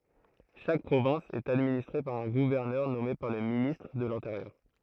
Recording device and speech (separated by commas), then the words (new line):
throat microphone, read sentence
Chaque province est administrée par un gouverneur nommé par le ministre de l'Intérieur.